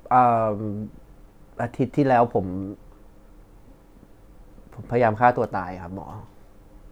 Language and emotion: Thai, neutral